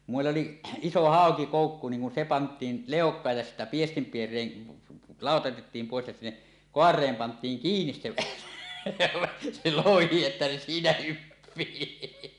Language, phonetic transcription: Finnish, kum mèill ‿oli₍ 'iso 'hàokikòukku niiŋ kun 'se 'pant̀iin , "lèok̀aaj ja sittä 'piestimpier̀een , 'làota otettiim pòes ja sinne , "koar̀eem pant̀iiŋ "kiinis se elävä , se 'lohi että se 'siinä 'hyppii .
- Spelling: kun meillä oli iso haukikoukku niin kun se pantiin leukaan ja sitten piestinpiereen lauta otettiin pois ja sinne kaareen pantiin kiinni se elävä se lohi että se siinä hyppii

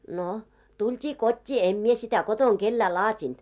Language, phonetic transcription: Finnish, no , 'tult́ii 'kot́t́ii , em 'mie sitä 'kotoŋ 'kellää "laat́int .
- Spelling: no tultiin kotiin en minä sitä kotona kenellekään laatinut

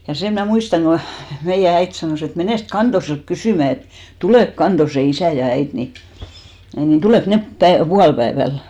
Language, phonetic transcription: Finnish, ja 'sem mnä̀ 'muistaŋ ɢo 'meijä 'äit sanòs ‿et » menèst "Kantoselt 'kysỳmä et , 'tulèk "Kantose 'isä ja 'äit ni , ni 'tulèk 'nep päe- , "pualpäeväl .
- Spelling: ja sen minä muistan kun meidän äiti sanoi että menes Kantoselta kysymään että tuleeko Kantosen isä ja äiti niin niin tuleeko ne - puolipäivällä

